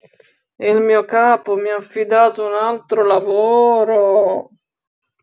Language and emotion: Italian, disgusted